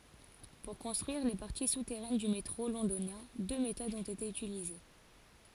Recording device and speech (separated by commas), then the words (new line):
forehead accelerometer, read sentence
Pour construire les parties souterraines du métro Londonien, deux méthodes ont été utilisées.